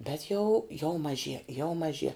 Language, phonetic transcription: Lithuanian, bet jau jau maˈžie jau maˈžie

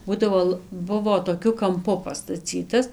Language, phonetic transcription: Lithuanian, ˈbūdavo l ˈbuvo toˈkiu kamˈpu pastaˈcytas

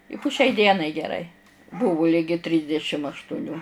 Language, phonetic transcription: Lithuanian, i pu šiai ˈdienai geˈrai ˈbūvu ˈligi ˈtrysdešim aštuˈnių

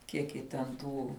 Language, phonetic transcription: Lithuanian, ˈkiek ji ten ˈtų

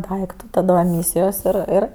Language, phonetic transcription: Lithuanian, ˈdaiktu ˈtada eˈmysijos ir ˈir

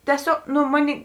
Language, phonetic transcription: Lithuanian, tieˈsiog ˈnu ˈmoˌnėi

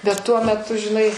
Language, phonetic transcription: Lithuanian, bet ˈtuo meˈtu žiˈnai

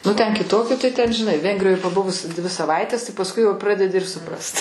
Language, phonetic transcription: Lithuanian, nu ˈten kiˈtoki tai ˈten žiˈnai ˈvengrijoj paˈbuvus ˈdvi saˈvaites pasˈkui jau ˈpradedi ir suˈprast

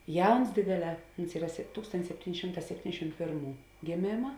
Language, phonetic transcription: Lithuanian, ˈjauns ˈdėdėˌlē ˈuns ˈyra se ˈtūkstontis ˈsepˌtyn' ˈšimˌtā sepˈtyndešim ˈpėrˌmų gėˈmėma

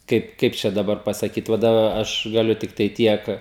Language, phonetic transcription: Lithuanian, ˈkaip ˈkaip čia daˈbar pasaˈkyt ˈva daˈba ˈaš gaˈliu ˈtiktai ˈtiek

